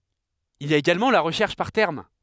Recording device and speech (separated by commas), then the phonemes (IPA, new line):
headset microphone, read sentence
il i a eɡalmɑ̃ la ʁəʃɛʁʃ paʁ tɛʁm